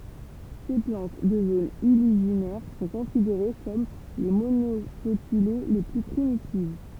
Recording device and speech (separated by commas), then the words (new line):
temple vibration pickup, read sentence
Ces plantes de zones uliginaires sont considérées comme les monocotylées les plus primitives.